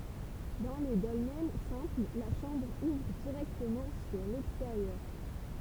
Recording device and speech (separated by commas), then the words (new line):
temple vibration pickup, read sentence
Dans les dolmens simples, la chambre ouvre directement sur l'extérieur.